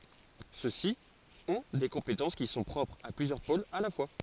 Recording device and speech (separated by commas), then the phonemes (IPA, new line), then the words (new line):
forehead accelerometer, read sentence
søksi ɔ̃ de kɔ̃petɑ̃s ki sɔ̃ pʁɔpʁz a plyzjœʁ polz a la fwa
Ceux-ci ont des compétences qui sont propres à plusieurs pôles à la fois.